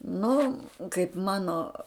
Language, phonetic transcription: Lithuanian, ˈnu kaip ˈmano

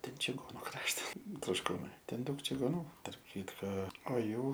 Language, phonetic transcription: Lithuanian, ˈten čiˈgonu ˈkraštas trošˈkūnai ˈten ˈdaug čigoˈnų tarp ˈkytko o ˈjų

